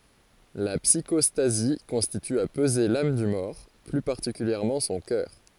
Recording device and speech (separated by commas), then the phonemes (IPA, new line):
forehead accelerometer, read sentence
la psikɔstazi kɔ̃sist a pəze lam dy mɔʁ ply paʁtikyljɛʁmɑ̃ sɔ̃ kœʁ